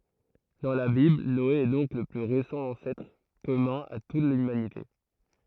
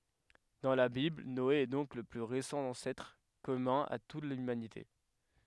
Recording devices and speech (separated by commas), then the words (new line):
throat microphone, headset microphone, read sentence
Dans la Bible, Noé est donc le plus récent ancêtre commun à toute l'humanité.